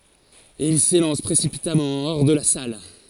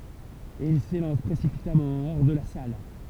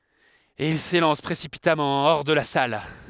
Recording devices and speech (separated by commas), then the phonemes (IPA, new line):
forehead accelerometer, temple vibration pickup, headset microphone, read sentence
e il selɑ̃s pʁesipitamɑ̃ ɔʁ də la sal